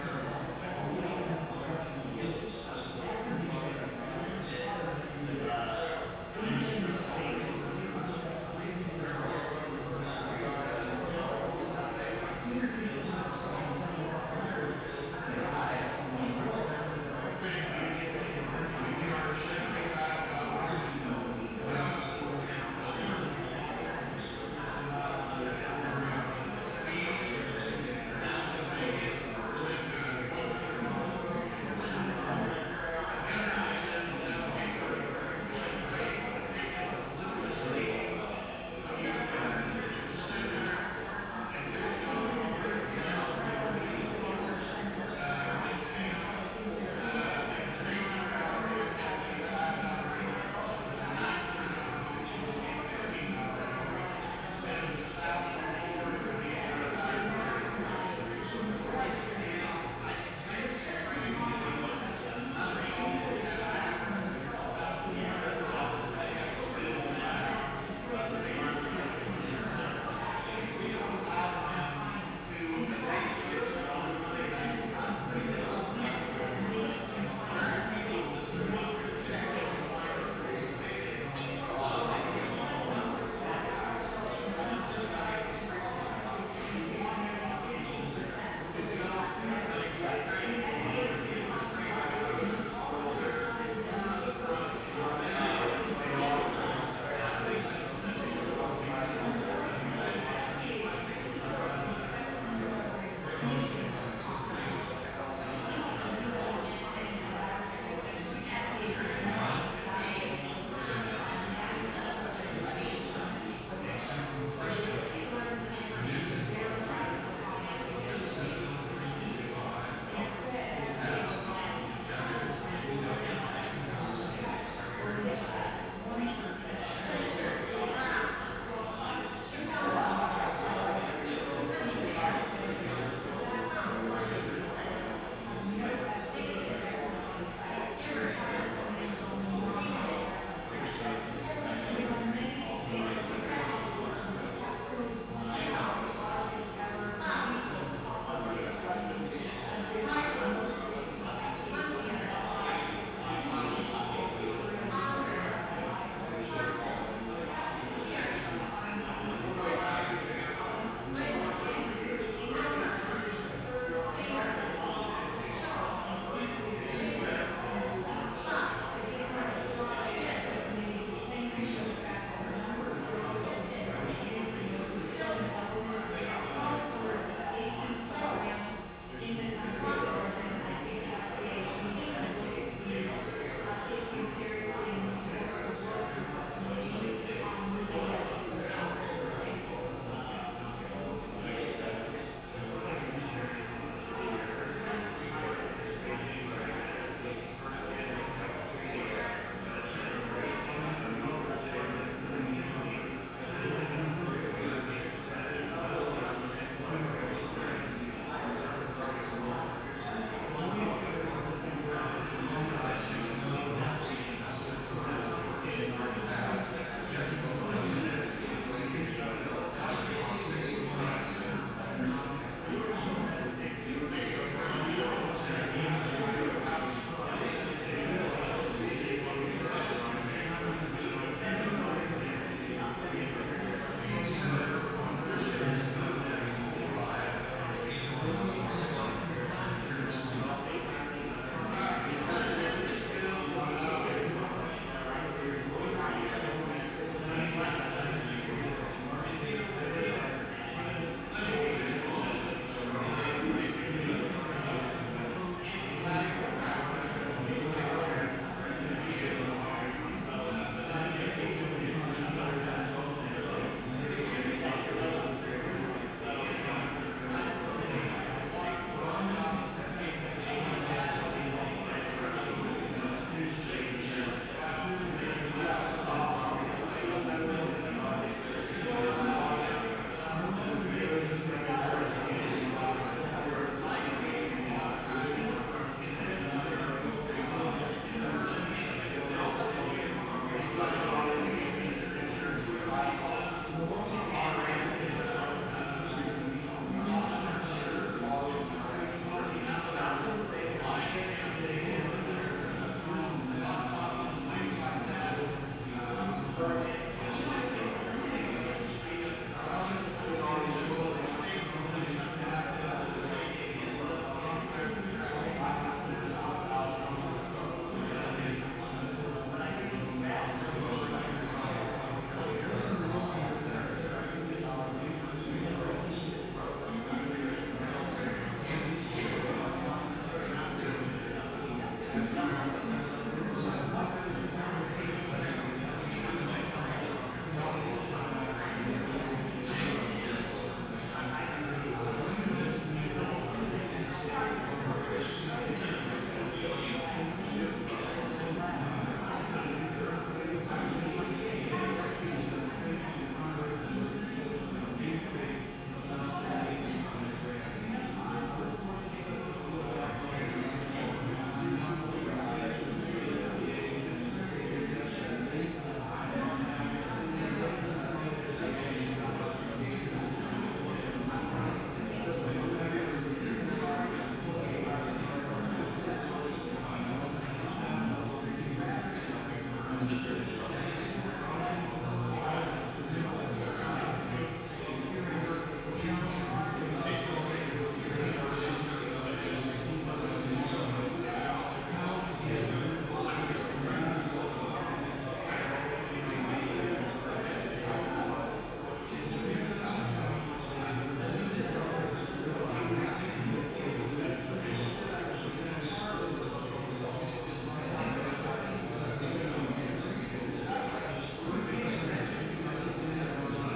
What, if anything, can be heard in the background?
Crowd babble.